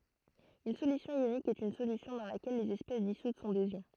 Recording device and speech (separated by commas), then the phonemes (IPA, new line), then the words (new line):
throat microphone, read sentence
yn solysjɔ̃ jonik ɛt yn solysjɔ̃ dɑ̃ lakɛl lez ɛspɛs disut sɔ̃ dez jɔ̃
Une solution ionique est une solution dans laquelle les espèces dissoutes sont des ions.